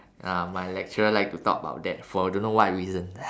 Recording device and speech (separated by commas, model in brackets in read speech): standing microphone, conversation in separate rooms